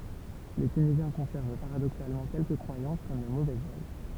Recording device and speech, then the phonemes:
temple vibration pickup, read sentence
le tynizjɛ̃ kɔ̃sɛʁv paʁadoksalmɑ̃ kɛlkə kʁwajɑ̃s kɔm lə movɛz œj

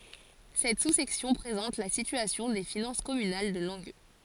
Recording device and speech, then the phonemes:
forehead accelerometer, read sentence
sɛt susɛksjɔ̃ pʁezɑ̃t la sityasjɔ̃ de finɑ̃s kɔmynal də lɑ̃ɡø

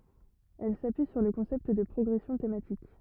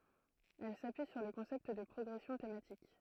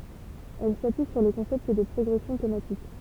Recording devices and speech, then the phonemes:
rigid in-ear microphone, throat microphone, temple vibration pickup, read sentence
ɛl sapyi syʁ lə kɔ̃sɛpt də pʁɔɡʁɛsjɔ̃ tematik

